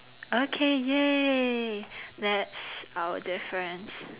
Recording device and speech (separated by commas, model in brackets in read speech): telephone, conversation in separate rooms